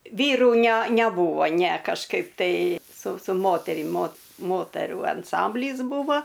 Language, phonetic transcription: Lithuanian, ˈvyrų næ næˈbūvo næ kažˈkaip tai su su ˈmoterim mot ˈmoterų anˈsamblys ˈbūvo

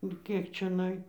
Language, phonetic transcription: Lithuanian, u ˈkiek čiaˈnai

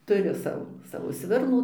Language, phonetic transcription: Lithuanian, tuˈriu ˈsavo ˈsavo ˈsvirnų

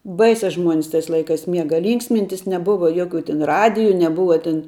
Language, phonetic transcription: Lithuanian, ˈbaise ˈžmuonis tais ˈlaikas ˈmiega ˈlynksmintis neˈbuva ˈjokiu tin ˈradiju neˈbuva tin

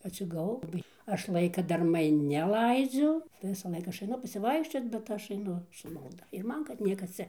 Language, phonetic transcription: Lithuanian, atsigaˈvau laˈbai ˈaš ˈlaika darˈmai neˈlaidziu tai visaˈlaik ˈaš aiˈnu pasiˈvaikščiot bet ˈaš aiˈnu su malˈda ir ˈman kad ˈniekas ˈcia

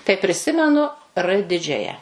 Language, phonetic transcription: Lithuanian, tai priˈsimenu ˈrɘ ˈdidžiaja

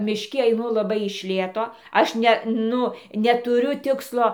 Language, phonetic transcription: Lithuanian, mišˈki aiˈnu laˈbai iš ˈlėto ˈaš ˈne ˈnu netuˈriu ˈtikslo

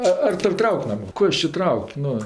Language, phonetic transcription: Lithuanian, ˈa ar ˈtor' ˈtrauk' ˈman' ˈko is či ˈtrauk' ˈnu

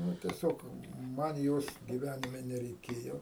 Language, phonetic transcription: Lithuanian, ˈnu tieˈsiog ˈman ˈjos gyˈvænime nereiˈkėjo

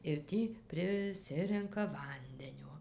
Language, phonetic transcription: Lithuanian, ir ˈtį priˈsirenka ˈvandenio

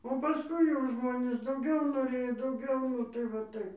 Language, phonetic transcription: Lithuanian, o paˈskui jau ˈžmonės dauˈgiau noˈrėjo dauˈgiau nu ˈtai va ˈtaip

